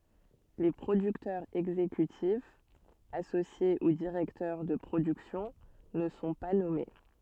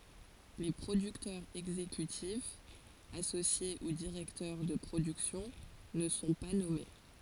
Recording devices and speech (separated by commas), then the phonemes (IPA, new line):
soft in-ear microphone, forehead accelerometer, read sentence
le pʁodyktœʁz ɛɡzekytifz asosje u diʁɛktœʁ də pʁodyksjɔ̃ nə sɔ̃ pa nɔme